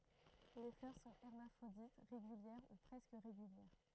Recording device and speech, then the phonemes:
throat microphone, read sentence
le flœʁ sɔ̃ ɛʁmafʁodit ʁeɡyljɛʁ u pʁɛskə ʁeɡyljɛʁ

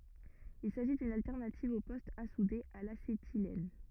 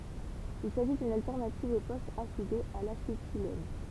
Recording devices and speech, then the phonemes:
rigid in-ear microphone, temple vibration pickup, read sentence
il saʒi dyn altɛʁnativ o pɔstz a sude a lasetilɛn

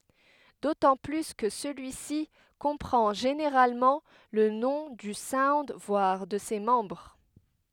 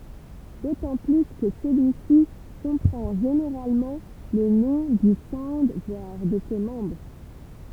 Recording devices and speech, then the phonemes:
headset microphone, temple vibration pickup, read sentence
dotɑ̃ ply kə səlyisi kɔ̃pʁɑ̃ ʒeneʁalmɑ̃ lə nɔ̃ dy saund vwaʁ də se mɑ̃bʁ

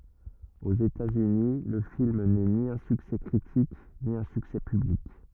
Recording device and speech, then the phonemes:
rigid in-ear microphone, read sentence
oz etatsyni lə film nɛ ni œ̃ syksɛ kʁitik ni œ̃ syksɛ pyblik

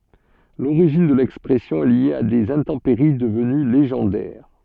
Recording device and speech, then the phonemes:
soft in-ear microphone, read sentence
loʁiʒin də lɛkspʁɛsjɔ̃ ɛ lje a dez ɛ̃tɑ̃peʁi dəvəny leʒɑ̃dɛʁ

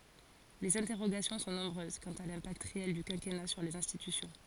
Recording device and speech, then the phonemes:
forehead accelerometer, read sentence
lez ɛ̃tɛʁoɡasjɔ̃ sɔ̃ nɔ̃bʁøz kɑ̃t a lɛ̃pakt ʁeɛl dy kɛ̃kɛna syʁ lez ɛ̃stitysjɔ̃

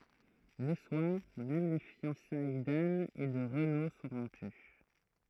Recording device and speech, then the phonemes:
throat microphone, read sentence
lə swaʁ mɛm le fjɑ̃saj dan e də ʁəno sɔ̃ ʁɔ̃py

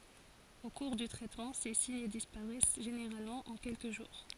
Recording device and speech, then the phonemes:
forehead accelerometer, read sentence
o kuʁ dy tʁɛtmɑ̃ se siɲ dispaʁɛs ʒeneʁalmɑ̃ ɑ̃ kɛlkə ʒuʁ

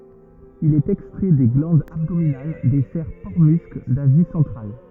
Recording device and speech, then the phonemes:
rigid in-ear microphone, read sentence
il ɛt ɛkstʁɛ de ɡlɑ̃dz abdominal de sɛʁ pɔʁtəmysk dazi sɑ̃tʁal

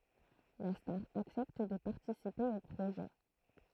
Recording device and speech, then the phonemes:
throat microphone, read sentence
la staʁ aksɛpt də paʁtisipe o pʁoʒɛ

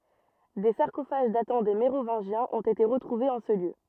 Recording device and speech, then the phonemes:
rigid in-ear microphone, read sentence
de saʁkofaʒ datɑ̃ de meʁovɛ̃ʒjɛ̃z ɔ̃t ete ʁətʁuvez ɑ̃ sə ljø

